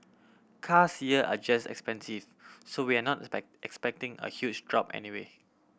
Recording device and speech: boundary microphone (BM630), read sentence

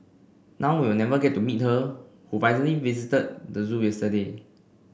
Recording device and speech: boundary microphone (BM630), read sentence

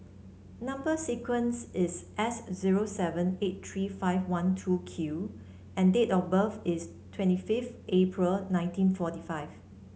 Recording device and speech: mobile phone (Samsung C7), read sentence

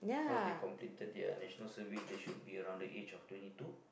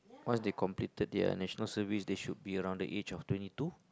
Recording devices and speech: boundary microphone, close-talking microphone, conversation in the same room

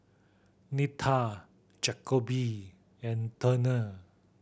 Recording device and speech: boundary microphone (BM630), read sentence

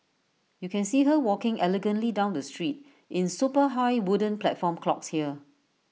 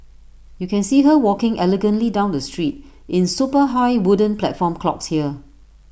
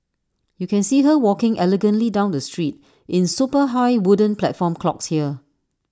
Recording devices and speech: mobile phone (iPhone 6), boundary microphone (BM630), standing microphone (AKG C214), read sentence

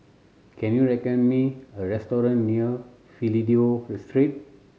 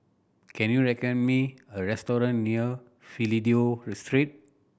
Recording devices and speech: mobile phone (Samsung C7100), boundary microphone (BM630), read sentence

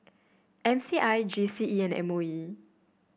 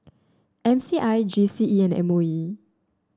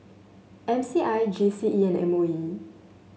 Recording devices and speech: boundary microphone (BM630), standing microphone (AKG C214), mobile phone (Samsung S8), read sentence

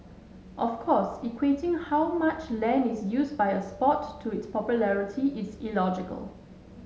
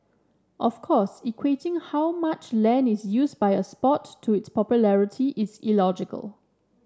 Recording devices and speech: mobile phone (Samsung S8), standing microphone (AKG C214), read sentence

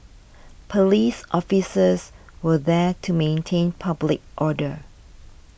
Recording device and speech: boundary microphone (BM630), read sentence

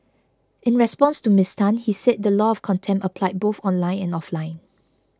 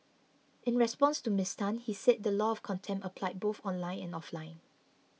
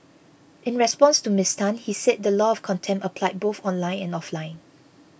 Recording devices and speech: close-talking microphone (WH20), mobile phone (iPhone 6), boundary microphone (BM630), read sentence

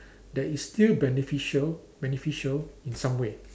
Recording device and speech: standing microphone, conversation in separate rooms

